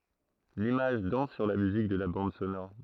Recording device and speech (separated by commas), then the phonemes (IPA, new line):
throat microphone, read sentence
limaʒ dɑ̃s syʁ la myzik də la bɑ̃d sonɔʁ